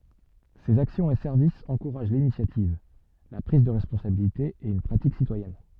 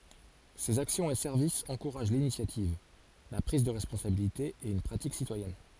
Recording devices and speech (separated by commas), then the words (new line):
soft in-ear microphone, forehead accelerometer, read sentence
Ses actions et services encouragent l’initiative, la prise de responsabilité et une pratique citoyenne.